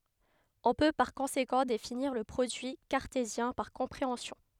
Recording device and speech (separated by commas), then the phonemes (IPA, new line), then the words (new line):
headset microphone, read sentence
ɔ̃ pø paʁ kɔ̃sekɑ̃ definiʁ lə pʁodyi kaʁtezjɛ̃ paʁ kɔ̃pʁeɑ̃sjɔ̃
On peut par conséquent définir le produit cartésien par compréhension.